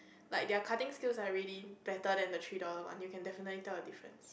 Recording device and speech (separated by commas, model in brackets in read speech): boundary microphone, conversation in the same room